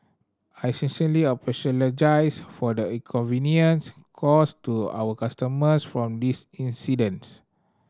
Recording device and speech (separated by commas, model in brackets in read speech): standing microphone (AKG C214), read sentence